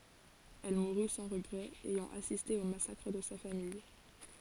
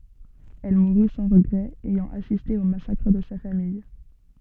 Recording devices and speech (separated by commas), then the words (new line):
forehead accelerometer, soft in-ear microphone, read sentence
Elle mourut sans regrets, ayant assisté au massacre de sa famille.